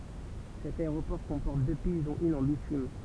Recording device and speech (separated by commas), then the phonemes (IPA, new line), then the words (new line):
temple vibration pickup, read sentence
sɛt aeʁopɔʁ kɔ̃pɔʁt dø pist dɔ̃t yn ɑ̃ bitym
Cet aéroport comporte deux pistes dont une en bitume.